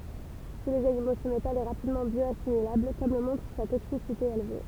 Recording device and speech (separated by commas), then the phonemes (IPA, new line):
temple vibration pickup, read sentence
ʃe lez animo sə metal ɛ ʁapidmɑ̃ bjɔasimilabl kɔm lə mɔ̃tʁ sa toksisite elve